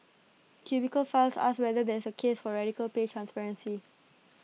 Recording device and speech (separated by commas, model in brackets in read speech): mobile phone (iPhone 6), read sentence